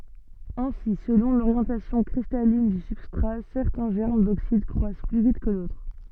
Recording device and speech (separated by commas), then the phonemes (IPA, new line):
soft in-ear microphone, read sentence
ɛ̃si səlɔ̃ loʁjɑ̃tasjɔ̃ kʁistalin dy sybstʁa sɛʁtɛ̃ ʒɛʁm doksid kʁwas ply vit kə dotʁ